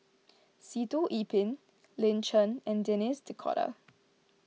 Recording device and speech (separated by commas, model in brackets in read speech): mobile phone (iPhone 6), read sentence